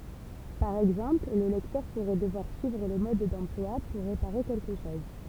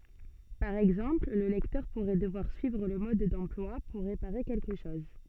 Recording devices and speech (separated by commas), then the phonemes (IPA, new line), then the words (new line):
temple vibration pickup, soft in-ear microphone, read sentence
paʁ ɛɡzɑ̃pl lə lɛktœʁ puʁɛ dəvwaʁ syivʁ lə mɔd dɑ̃plwa puʁ ʁepaʁe kɛlkə ʃɔz
Par exemple, le lecteur pourrait devoir suivre le mode d'emploi pour réparer quelque chose.